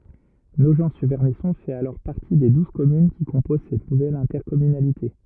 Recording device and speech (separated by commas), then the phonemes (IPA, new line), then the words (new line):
rigid in-ear microphone, read sentence
noʒɑ̃tsyʁvɛʁnisɔ̃ fɛt alɔʁ paʁti de duz kɔmyn ki kɔ̃poz sɛt nuvɛl ɛ̃tɛʁkɔmynalite
Nogent-sur-Vernisson fait alors partie des douze communes qui composent cette nouvelle intercommunalité.